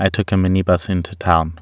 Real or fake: real